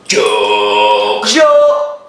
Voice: in a deep voice